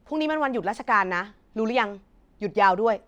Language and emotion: Thai, neutral